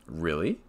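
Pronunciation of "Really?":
The voice rises on "Really?"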